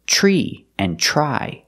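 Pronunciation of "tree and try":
In 'tree' and 'try', the tr at the start sounds like the ch sound in 'chicken'.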